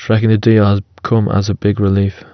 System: none